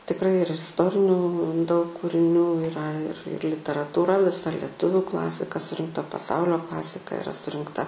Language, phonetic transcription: Lithuanian, tikˈrai ir isˈtorinių daug kūriˈnių iˈra ir ir literatūˈra viˈsa leˈtuviu ˈklasika surinkˈta paˈsaulio ˈklasika iˈra surinkˈta

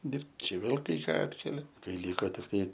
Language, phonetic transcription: Lithuanian, ˈdirbt ˈčia ˈvėl kai ˈką ˈatkelia kai ˈlyko tikˈtai

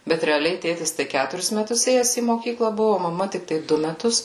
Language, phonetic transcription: Lithuanian, bet reaˈliai ˈtėtis tai ˈkæturis meˈtus ˈėjes į moˈkykla ˈbuvu o maˈma tikˈtai ˈdu meˈtus

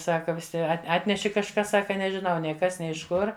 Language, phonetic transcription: Lithuanian, ˈsaka viˈsi at ˈatneši kažˈkas ˈsaka nežiˈnau ˈnei ˈkas ˈnei iš ˈkur

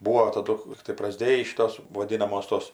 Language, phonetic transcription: Lithuanian, ˈbūo taˈdu ˈlygtai praˈsdėjį ˈšitos voˈdinamos tos

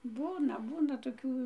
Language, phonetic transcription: Lithuanian, ˈbūna ˈbūna toˈkių

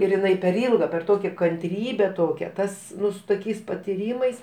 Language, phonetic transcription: Lithuanian, ir iˈnai per ˈylga per ˈtokia kanˈtrybe ˈtokią ˈtas ˈnu su toˈkiais patiˈrymais

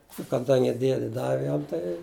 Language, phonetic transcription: Lithuanian, u kaˈdangi ˈdiedi ˈdavi ˈjam tai

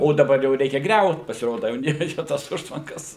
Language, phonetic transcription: Lithuanian, o daˈbar jau ˈreikia ˈgriaut pasiˈroda jau neˈreikia ˈtos ˈužtvankas

